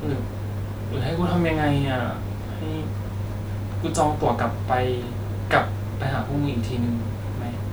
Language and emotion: Thai, sad